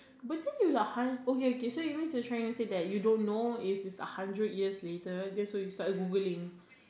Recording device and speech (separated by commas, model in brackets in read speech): standing microphone, conversation in separate rooms